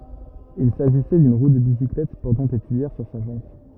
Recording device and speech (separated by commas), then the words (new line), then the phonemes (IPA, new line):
rigid in-ear microphone, read sentence
Il s'agissait d'une roue de bicyclette portant des tuyères sur sa jante.
il saʒisɛ dyn ʁu də bisiklɛt pɔʁtɑ̃ de tyijɛʁ syʁ sa ʒɑ̃t